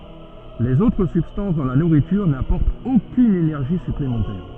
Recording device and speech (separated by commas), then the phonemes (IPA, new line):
soft in-ear microphone, read sentence
lez otʁ sybstɑ̃s dɑ̃ la nuʁityʁ napɔʁtt okyn enɛʁʒi syplemɑ̃tɛʁ